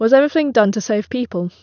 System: none